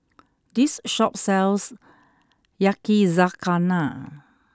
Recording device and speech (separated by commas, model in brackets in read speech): close-talking microphone (WH20), read sentence